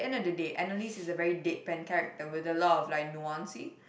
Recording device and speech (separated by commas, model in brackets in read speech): boundary microphone, conversation in the same room